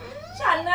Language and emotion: Thai, happy